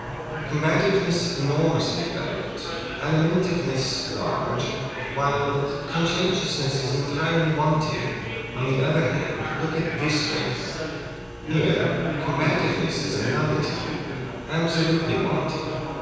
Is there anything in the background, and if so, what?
Crowd babble.